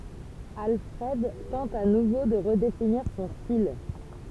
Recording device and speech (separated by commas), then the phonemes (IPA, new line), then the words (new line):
temple vibration pickup, read sentence
alfʁɛd tɑ̃t a nuvo də ʁədefiniʁ sɔ̃ stil
Alfred tente à nouveau de redéfinir son style.